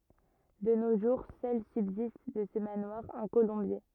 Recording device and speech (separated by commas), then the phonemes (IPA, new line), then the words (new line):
rigid in-ear microphone, read sentence
də no ʒuʁ sœl sybzist də sə manwaʁ œ̃ kolɔ̃bje
De nos jours, seul subsiste de ce manoir un colombier.